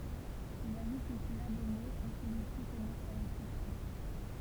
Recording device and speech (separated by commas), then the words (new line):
temple vibration pickup, read sentence
Il ajoute une syllabe au mot quand celui-ci commence par une consonne.